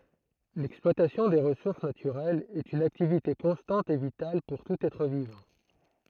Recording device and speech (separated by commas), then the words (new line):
throat microphone, read sentence
L'exploitation des ressources naturelles est une activité constante et vitale pour tout être vivant.